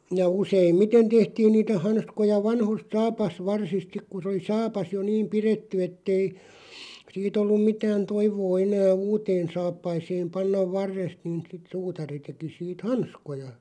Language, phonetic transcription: Finnish, ja 'useim"miten tehtiin niitä 'hanskoja 'vanhost "saapas'varsist 'sik ku sᵉ oli 'saapas jo "niim "piretty ettei , 'siit ‿ollum 'mitään 'toivoo 'enää "uuteen 'saappaiseem 'pannav "varrest niin̬ sit 'suutari teki siit "hanskoja .
- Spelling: ja useimmiten tehtiin niitä hanskoja vanhoista saapasvarsista sitten kun se oli saapas jo niin pidetty että ei siitä ollut mitään toivoa enää uuteen saappaaseen panna varresta niin sitten suutari teki siitä hanskoja

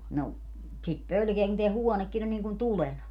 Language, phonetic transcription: Finnish, no , sit 'pölkeä kun teä "huɔnekkin ‿on niiŋ kun "tulena .
- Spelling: no sitä pelkää kun tämä huonekin on niin kuin tulena

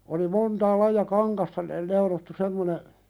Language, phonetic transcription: Finnish, oli 'montaa laija "kaŋkasta ne- neulottu 'semmone ,.
- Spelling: oli montaa lajia kankaista - neulottu semmoinen

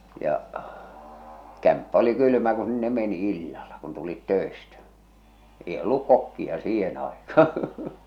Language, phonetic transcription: Finnish, ja , 'kämppä oli 'kylʸmä ku sinne meni 'illala , kun tulit 'tö̀estä , èi olluk 'kokki₍a "siihen àekaa .
- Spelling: ja kämppä oli kylmä kun sinne meni illalla kun tulit töistä ei ollut kokkia siihen aikaan

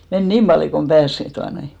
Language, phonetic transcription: Finnish, men "niim ʙaljo kom 'ʙääs , 'tuanoi .
- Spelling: meni niin paljon kuin pääsi tuota noin

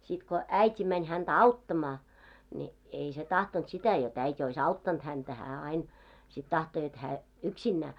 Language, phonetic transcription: Finnish, sit ko , "§äit́i mäń 'häntä "auttamaa , ni , ei se 'tahtont sitä jot 'äi't́ ‿ois "auttant häntä , 'hää 'ain , sit 'tahto jot 'hää , "yksinnää .
- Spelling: sitten kun äiti meni häntä auttamaan niin ei se tahtonut sitä jotta äiti olisi auttanut häntä hän aina sitten tahtoi jotta hän yksinään

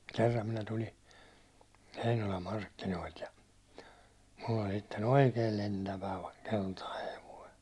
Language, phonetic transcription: Finnish, 'kerram minä tuli , 'Heinolam "markkinoilt ja , mull ‿oĺ sitte"n̬ ‿oikeel "lentävä , 'keltai hevoi .
- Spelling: kerran minä tuli Heinolan markkinoilta ja minulla oli sitten oikein lentävä keltainen hevonen

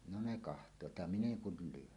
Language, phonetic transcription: Finnish, no 'ne "kaht̀oot ja "min ‿eŋ 'kul 'lyon .
- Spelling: no ne katsovat ja minä en kuin lyön

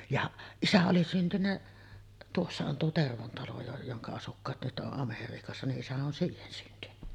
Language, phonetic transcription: Finnish, jaˀ , "isä oli 'syntynnä , tuossa on tuo "Tervon 'talo jo- joŋka asukkaat nyt ’oˀ 'ˀAmeriikassa , ni’ '’isä on "siihen syntyny .
- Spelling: ja isä oli syntynyt tuossa on tuo Tervon talo - jonka asukkaat nyt on Amerikassa niin isä on siihen syntynyt

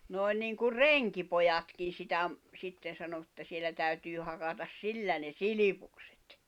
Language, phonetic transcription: Finnish, nòi̬n nìŋkur "reŋki̳pojakin̬ sitä ‿m- , 'sitten̬ sano ᵉttä sielä täytyy hakatas 'sillä ne "silipuksᴇt .
- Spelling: noin niin kuin renkipojankin sitä - sitten sanoi että siellä täytyy hakata sillä ne silpukset

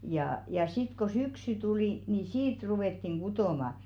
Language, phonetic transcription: Finnish, jaa ja 'sit ko 'syksy tulì , ni "siit ruwettiŋ 'ɢutòma .
- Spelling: jaa ja sitten kun syksy tuli niin siitä ruvettiin kutomaan

